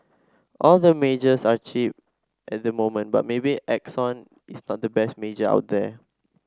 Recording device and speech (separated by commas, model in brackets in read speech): standing microphone (AKG C214), read sentence